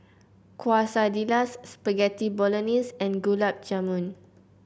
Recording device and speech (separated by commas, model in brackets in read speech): boundary microphone (BM630), read sentence